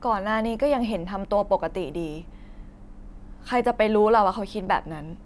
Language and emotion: Thai, neutral